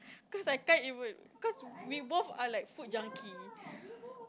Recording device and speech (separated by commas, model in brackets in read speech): close-talking microphone, conversation in the same room